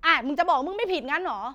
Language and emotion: Thai, angry